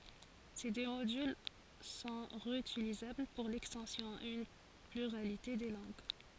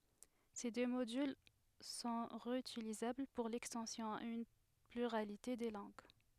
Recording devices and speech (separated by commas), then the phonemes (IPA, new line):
forehead accelerometer, headset microphone, read sentence
se dø modyl sɔ̃ ʁeytilizabl puʁ lɛkstɑ̃sjɔ̃ a yn plyʁalite də lɑ̃ɡ